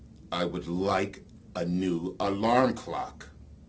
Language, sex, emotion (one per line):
English
male
angry